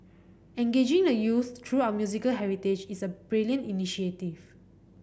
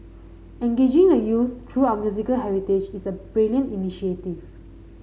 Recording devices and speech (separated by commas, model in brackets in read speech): boundary microphone (BM630), mobile phone (Samsung C5010), read sentence